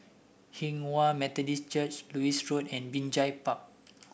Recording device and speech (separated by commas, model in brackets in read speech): boundary microphone (BM630), read sentence